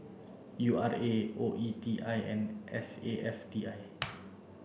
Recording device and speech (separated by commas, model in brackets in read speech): boundary microphone (BM630), read sentence